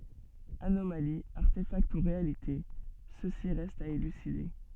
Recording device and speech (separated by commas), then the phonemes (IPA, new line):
soft in-ear microphone, read sentence
anomali aʁtefakt u ʁealite səsi ʁɛst a elyside